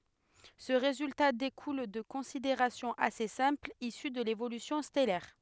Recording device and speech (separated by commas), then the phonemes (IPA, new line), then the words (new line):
headset microphone, read sentence
sə ʁezylta dekul də kɔ̃sideʁasjɔ̃z ase sɛ̃plz isy də levolysjɔ̃ stɛlɛʁ
Ce résultat découle de considérations assez simples issues de l'évolution stellaire.